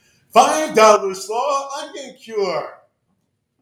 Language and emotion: English, happy